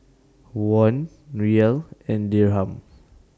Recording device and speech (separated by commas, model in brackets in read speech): standing microphone (AKG C214), read sentence